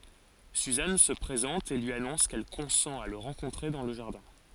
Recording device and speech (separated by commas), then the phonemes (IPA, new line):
forehead accelerometer, read sentence
syzan sə pʁezɑ̃t e lyi anɔ̃s kɛl kɔ̃sɑ̃t a lə ʁɑ̃kɔ̃tʁe dɑ̃ lə ʒaʁdɛ̃